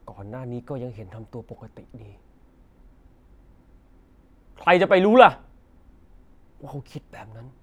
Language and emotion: Thai, angry